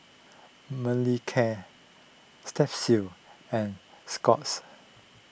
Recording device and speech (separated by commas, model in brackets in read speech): boundary microphone (BM630), read sentence